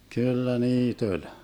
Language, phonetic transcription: Finnish, 'kyllä 'niit ‿oĺ .
- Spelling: kyllä niitä oli

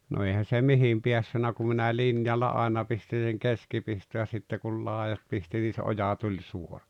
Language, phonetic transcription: Finnish, no 'eihän̬ se "mihim 'piässynä ku minä "linjalla 'àena pistin̬ seŋ 'keskipisto ja sitte kul 'làejat pisti nii se 'oja tuĺ 'suora .
- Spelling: no eihän se mihin päässyt kun minä linjalla aina pistin sen keskipiston ja sitten kun laidat pisti niin se oja tuli suora

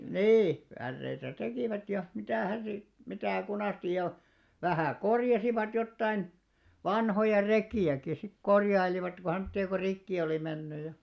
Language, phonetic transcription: Finnish, nii , 'pärreitä "tekìvät ja , 'mitä̀hän̬ sit , 'mitä̀ 'kunàstij ja , vähä̀ "korjasivat jottain , "vanhoja "rekì₍äki sik "korjailivat ko o semtti₍a ko 'rikki olì 'menny ja ,.
- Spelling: niin päreitä tekivät ja mitähän sitten mitä kunasti ja vähän korjasivat jotakin vanhoja rekiäkin sitten korjailivat kun on semmoisia kun rikki oli mennyt ja

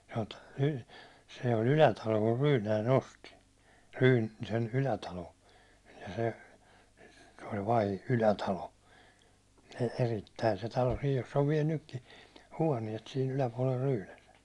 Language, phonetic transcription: Finnish, Hot- Ryy- , se oĺ 'Ylätalo kur 'Rynäi'n ‿osti , Ryy- , sen 'Ylätalo , ja se , se oĺ vai- , Ylätalo , e- erittäi se talo 'sij joss ‿ov viɛl 'nykki , "huåniɛt si'n ‿yläpuålel 'Ryynäse .
- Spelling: - - se oli Ylätalo kun Ryynänen osti - sen Ylätalon ja se se oli - Ylätalo - erittäin se talo sija jossa on vielä nytkin huoneet siinä yläpuolella Ryynäsen

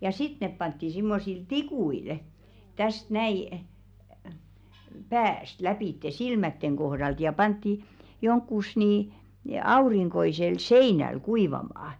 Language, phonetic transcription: Finnish, ja "sit nep pantti 'simmosil "tikuil , täst 'näi , "pääst 'läpìtte "silmätteŋ kohðalt ja pantti , 'joŋkkus nii , 'auriŋkoisel "seinäl 'kuivamaa .
- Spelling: ja sitten ne pantiin semmoisilla tikuilla tästä näin päästä lävitse silmien kohdalta ja pantiin johonkin niin aurinkoiselle seinälle kuivamaan

